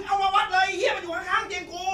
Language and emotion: Thai, angry